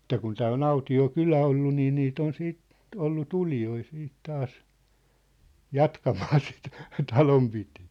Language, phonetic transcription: Finnish, ᵉt̆tä kun 'tää o"n ‿auti₍o "kylä ollu nii niit ‿on 'siit , 'ollu "tulijoi siit 'taas , "jatkamaa sit , "talompitɪɪ .
- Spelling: että kun tämä on autio kylä ollut niin niitä on sitten ollut tulijoita siitä taas jatkamaan sitten talonpitoa

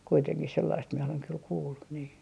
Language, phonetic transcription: Finnish, kuiteŋkih sellaist mie oleŋ kyl 'kuullu , nii .
- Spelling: kuitenkin sellaista minä olen kyllä kuullut niin

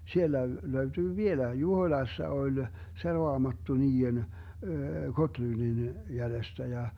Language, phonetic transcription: Finnish, 'siellä 'löytyy "vieläi , "Juhoⁱlassa 'oĺ , "se 'roamattu 'nii₍en , 'Gotlyndin , 'jälestä ja ,.
- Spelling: siellä löytyy vieläkin Juhoilassa oli se raamattu niiden Gottlundin jäljestä ja

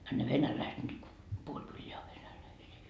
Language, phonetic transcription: Finnish, a ne 'venäläiset nyt ko , 'puoĺ kylleä o 'venäläisii .
- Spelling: a ne venäläiset nyt kun puoli kylää on venäläisiä

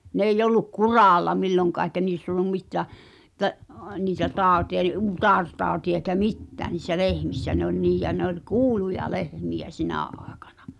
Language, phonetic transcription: Finnish, 'n ‿eij̆'j ‿olluk "kuràlla 'milloŋkà eĭkä 'niiss ‿ol̆lum 'mit̆tä̀ , [?et]t̀ä’ , niitä "tàu̬ti₍a eĭ 'ut̳àrtàu̬ti₍a eⁱkä "mittää ni̳ssä "lehmissä ne ‿oĺ 'niij ja ne ‿ol "kuuluja "lehmiʲä 'sinä àekᴀɴᴀ .
- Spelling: no ei ollut kuralla milloinkaan eikä niissä ollut mitään että niitä tautia ei utaretautia eikä mitään niissä lehmissä ne oli niin ja ne oli kuuluja lehmiä sinä aikana

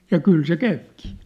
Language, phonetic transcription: Finnish, ja "kyl se "käypkii !
- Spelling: ja kyllä se käykin

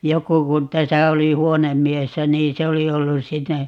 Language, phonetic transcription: Finnish, 'joku kun 'täsä 'oli "huonemmiessä nii 'se oli 'ollus 'sitte ,.
- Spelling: joku kun tässä oli huonemiehenä niin se oli ollut sitten

